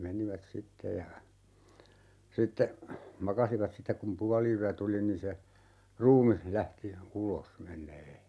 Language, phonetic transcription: Finnish, 'menivät "sitte ja , 'sitte , "makasivat 'sittek kum 'puali₍yä "tuli nin se , "ruumih 'lähti , 'ulos , 'meǹee .
- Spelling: menivät sitten ja sitten makasivat sitten kun puoliyö tuli niin se ruumis lähti ulos menemään

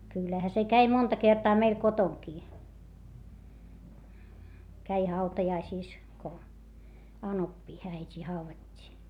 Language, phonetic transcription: Finnish, kyllähä se käi monta kertaa meil kotoŋkii , käi hautajaisìs , ko , anoppii äit́ii hauvat́t́ii .
- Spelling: kyllähän se kävi monta kertaa meillä kotonakin kävi hautajaisissa kun anopin äitiä haudattiin

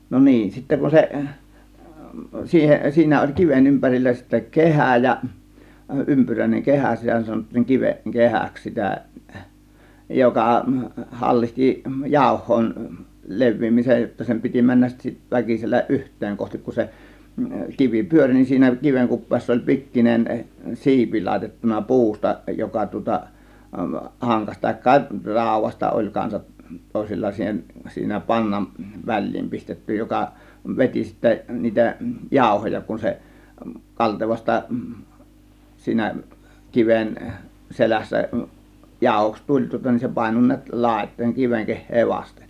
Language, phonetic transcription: Finnish, no 'niin sitte kun 'seˀ 'siihen , 'siinä oĺ 'kiven 'ympärillä sittä "kehä̀ ja , 'ympyräĭneŋ 'kehä 'sitä sanottiiŋ 'kiveˀИ "kehäks 'sitä , "joka , "hallihti , "jàȯh̆hoin , "lev̆viimisej jotta 'sem pit͕i 'männäs sit- , 'väkisellä "ˀyht̆teeŋ 'kohtik kun se , 'kivi "pyöŕ nin siinä 'kiveŋ 'kup̆peessa oĺ 'pikkinen , "si̬ipi làėtettuna "pu̬usta 'joka tŭŏta , 'haŋkaś , tàėkka "ràȯv̆vasta oĺ kansat , 'tòėsilla 'siihen , 'siinä 'paŋŋam , "väĺ̆liim 'pistetty 'joka , "veti sittä , niitä , "jàȯhoja kun se , "kaltevasta , 'siinä , "kiven , "selässä , "jàȯhoks "tuĺ tŭŏta nin se 'pàėno ni̬ät 'làėt̆tòėŋ 'kiveŋ 'keh̆hee 'vasten .
- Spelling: no niin sitten kun se siihen siinä oli kiven ympärillä sitten kehä ja ympyräinen kehä sitä sanottiin kiven kehäksi sitä joka hallitsi jauhojen leviämisen jotta sen piti mennä - väkisin yhteen kohti kun se kivi pyöri niin siinä kiven kupeessa oli pikkuinen siipi laitettu puusta joka tuota hankasi tai raudasta oli kanssa toisilla siihen siinä pangan väliin pistetty joka veti sitten niitä jauhoja kun se kaltevasta siinä kiven selässä jauhoksi tuli tuota niin se painoi näet laitoihin kiven kehää vasten

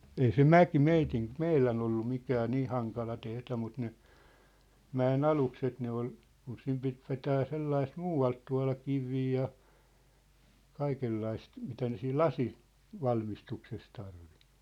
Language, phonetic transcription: Finnish, ei se "mäki 'meitin , "meilän ‿ollu 'mikää "nii haŋkala tehD̳ä mut ne , 'mä₍e"n ‿alukset ne ‿ol , kun 'sim pit vetää 'sellaist "muu₍alt tua̭la "kivii ja , 'kaikellaist , mitä ne siil "lasi- , '-valmistukses tarvi .
- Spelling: ei se mäki meidän meidän ollut mikään niin hankala tehdä mutta ne mäen alukset ne oli kun sinne piti vetää sellaista muualta tuoda kiviä ja kaikenlaista mitä ne siinä - lasinvalmistuksessa tarvitsi

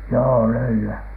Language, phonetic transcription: Finnish, joo "löyly₍ä .
- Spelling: joo löylyä

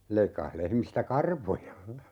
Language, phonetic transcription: Finnish, 'leikkah 'lehmistä "karvoja .
- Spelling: leikkasi lehmistä karvoja

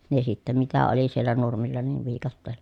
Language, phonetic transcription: Finnish, ne sittä mitä oli siellä nurmilla niiv viikatteellA .
- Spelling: ne sitten mitä oli siellä nurmilla niin viikatteella

